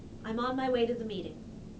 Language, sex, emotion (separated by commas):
English, female, neutral